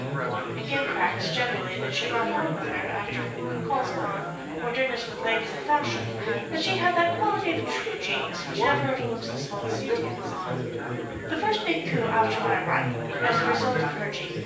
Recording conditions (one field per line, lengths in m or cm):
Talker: one person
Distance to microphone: 9.8 m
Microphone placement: far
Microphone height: 1.8 m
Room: large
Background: babble